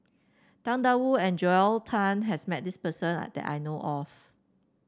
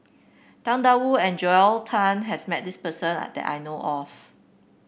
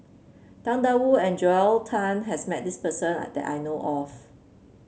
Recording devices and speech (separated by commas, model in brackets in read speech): standing microphone (AKG C214), boundary microphone (BM630), mobile phone (Samsung C7), read sentence